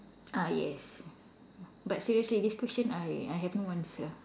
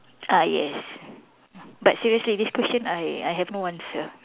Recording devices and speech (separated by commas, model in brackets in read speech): standing microphone, telephone, conversation in separate rooms